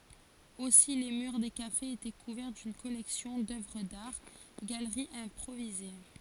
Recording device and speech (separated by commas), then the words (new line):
forehead accelerometer, read sentence
Aussi les murs des cafés étaient couverts d'une collection d'œuvres d'art, galeries improvisées.